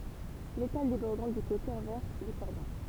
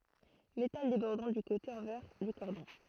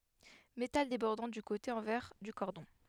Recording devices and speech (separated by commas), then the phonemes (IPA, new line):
temple vibration pickup, throat microphone, headset microphone, read sentence
metal debɔʁdɑ̃ dy kote ɑ̃vɛʁ dy kɔʁdɔ̃